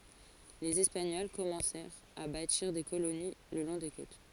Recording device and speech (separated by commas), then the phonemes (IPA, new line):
forehead accelerometer, read sentence
lez ɛspaɲɔl kɔmɑ̃sɛʁt a batiʁ de koloni lə lɔ̃ de kot